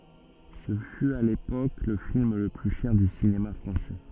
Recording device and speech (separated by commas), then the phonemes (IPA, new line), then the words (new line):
soft in-ear microphone, read sentence
sə fy a lepok lə film lə ply ʃɛʁ dy sinema fʁɑ̃sɛ
Ce fut, à l'époque, le film le plus cher du cinéma français.